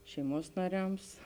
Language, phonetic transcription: Lithuanian, šeiˈmuos naˈriams

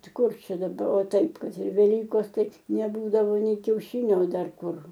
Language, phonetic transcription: Lithuanian, ˈtai ˈkur ˈčia daˈba o ˈtaip ˈkad ir veˈlykos ˈtai neˈbūdavo ˈnei kiaušinio o ˈdar ˈkur

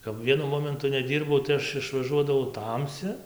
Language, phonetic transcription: Lithuanian, kap ˈvienu ˈmomentu neˈdyrbau tai ˈaš išvaˈžuodavau ˈtamsi

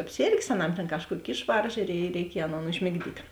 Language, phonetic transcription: Lithuanian, apˈsėrgės aˈnam tėn ˈkažˌkuok' ˈišvarža i reiˈkiej ˈaˌnon užmigˈdyt'

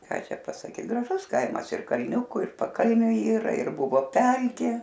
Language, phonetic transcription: Lithuanian, ˈką ˈčia pasaˈky graˈžus ˈkaimas ir kalˈniuku ir paˈkalniu ˈyra ir ˈbuvo ˈpelkė

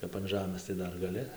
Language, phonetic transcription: Lithuanian, kap an ˈžamɘs tai ˈdar gaˈli

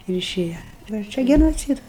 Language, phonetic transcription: Lithuanian, ir iˈšėja ˈva ˈčia genoˈcydas

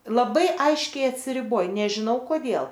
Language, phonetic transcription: Lithuanian, laˈbai ˈaiškiai atsiriˈboj nežiˈnau koˈdėl

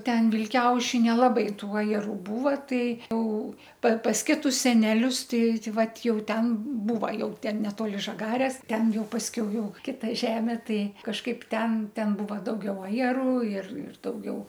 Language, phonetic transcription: Lithuanian, ˈten vilˈkiauši nelaˈbai ˈtuo ir ˈbūva ˈtai ˈjau pa pas ˈkitus seneˈlius ˈtai ˈtai ˈvat ˈjau ˈten ˈbūva ˈjau ˈten neˈtoli ˈžagarės ˈten ˈjau pasˈkiau ˈjau ˈkita ˈžemė ˈtai kažˈkaip ˈten ˈten ˈbūva dauˈgiau ajeˈrų ir ir dauˈgiau

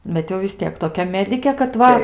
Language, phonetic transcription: Lithuanian, ˈbet jau vis ˈtiek toˈkia ˈmedikė kad ˈva

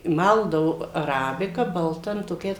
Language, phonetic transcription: Lithuanian, ˈmaldavu aˈrabika balˈta nu toˈkiais

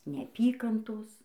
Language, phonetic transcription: Lithuanian, neaˈpykantos

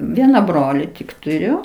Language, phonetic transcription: Lithuanian, ˈviena ˈbroli tik tuˈriu

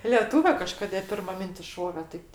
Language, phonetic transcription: Lithuanian, leˈtūve kaˈžkodė ˈpirma ˈmintis ˈšovė taip

